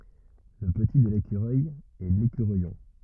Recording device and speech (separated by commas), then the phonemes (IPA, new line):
rigid in-ear microphone, read sentence
lə pəti də lekyʁœj ɛ lekyʁœjɔ̃